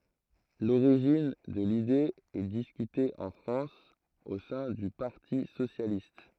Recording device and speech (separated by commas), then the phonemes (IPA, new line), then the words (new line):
throat microphone, read sentence
loʁiʒin də lide ɛ diskyte ɑ̃ fʁɑ̃s o sɛ̃ dy paʁti sosjalist
L'origine de l'idée est discutée en France au sein du Parti socialiste.